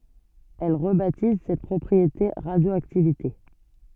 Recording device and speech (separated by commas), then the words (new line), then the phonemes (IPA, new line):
soft in-ear microphone, read sentence
Elle rebaptise cette propriété radioactivité.
ɛl ʁəbatiz sɛt pʁɔpʁiete ʁadjoaktivite